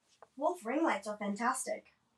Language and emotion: English, neutral